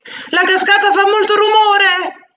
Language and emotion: Italian, fearful